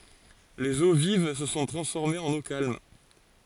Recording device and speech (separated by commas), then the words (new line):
forehead accelerometer, read sentence
Les eaux vives se sont transformées en eaux calmes.